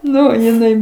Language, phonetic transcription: Lithuanian, ˈnu jiˈnai

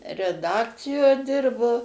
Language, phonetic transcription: Lithuanian, reˈdakcijo ˈdirbo

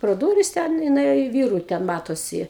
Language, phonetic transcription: Lithuanian, pro ˈdūris ten i nuˈėjo i ˈvyru ten ˈmatosi

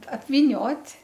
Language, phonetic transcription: Lithuanian, apvyˈniot'

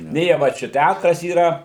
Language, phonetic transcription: Lithuanian, ˈnė jie ˈva čia ˈtætras yˈra

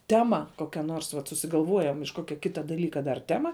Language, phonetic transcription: Lithuanian, ˈtema ˈkokia nors vat susigalˈvuojam iš ˈkokia ˈkita daˈlyka dar ˈtema

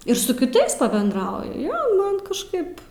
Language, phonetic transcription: Lithuanian, ir su kiˈtais pabendˈrauju ˈjo ˈman kažˈkaip

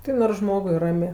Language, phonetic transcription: Lithuanian, ˈtai nors ˈžmogui ˈramė

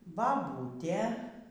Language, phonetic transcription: Lithuanian, baˈbūtė

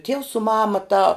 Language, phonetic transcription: Lithuanian, tievs su ˈmama tā

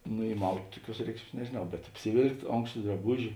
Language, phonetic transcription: Lithuanian, nu įˈmaut' ˈtuˌkiuos ˈreikšˌmies nežėˈnau bet apsiˈvėlkt' ˈonkšta draˈbuži

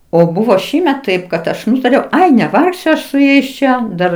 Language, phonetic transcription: Lithuanian, o ˈbuvo ˈšįmet ˈtaip kad ˈaš ˈnutariau ˈai neˈvargsiu ˈaš su ˈjais ˈčia ˈdar

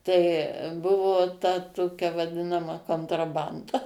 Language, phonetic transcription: Lithuanian, tai ˈbuvo ta ˈtokia vaˈdinama kontraˈbanda

